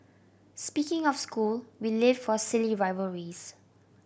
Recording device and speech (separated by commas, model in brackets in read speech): boundary microphone (BM630), read sentence